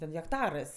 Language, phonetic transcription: Lithuanian, ten hekˈtarɜs

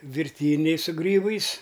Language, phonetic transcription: Lithuanian, virˈtyniai su ˈgrybais

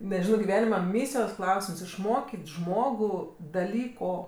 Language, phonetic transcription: Lithuanian, neˈžino giˈvenima ˈmysijos ˈklausims išˈmokit' ˈžmogu daˈlyko

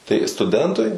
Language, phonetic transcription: Lithuanian, tai stuˈdentui

